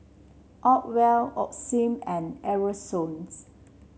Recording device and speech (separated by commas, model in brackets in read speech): mobile phone (Samsung C7), read sentence